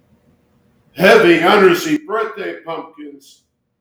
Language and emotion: English, sad